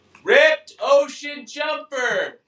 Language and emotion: English, neutral